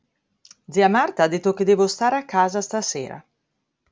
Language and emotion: Italian, neutral